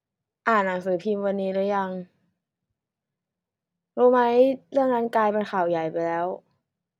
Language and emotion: Thai, frustrated